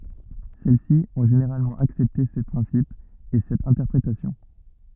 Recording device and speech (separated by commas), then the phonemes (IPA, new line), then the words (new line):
rigid in-ear microphone, read sentence
sɛl si ɔ̃ ʒeneʁalmɑ̃ aksɛpte se pʁɛ̃sipz e sɛt ɛ̃tɛʁpʁetasjɔ̃
Celles-ci ont généralement accepté ces principes et cette interprétation.